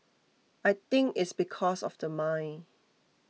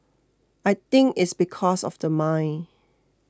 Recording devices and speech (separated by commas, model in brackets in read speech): mobile phone (iPhone 6), close-talking microphone (WH20), read sentence